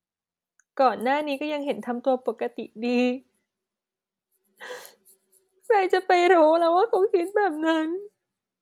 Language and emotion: Thai, sad